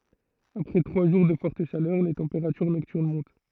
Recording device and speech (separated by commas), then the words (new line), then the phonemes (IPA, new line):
throat microphone, read sentence
Après trois jours de forte chaleur, les températures nocturnes montent.
apʁɛ tʁwa ʒuʁ də fɔʁt ʃalœʁ le tɑ̃peʁatyʁ nɔktyʁn mɔ̃t